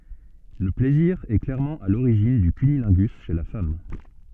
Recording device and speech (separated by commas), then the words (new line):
soft in-ear microphone, read sentence
Le plaisir est clairement à l’origine du cunnilingus chez la femme.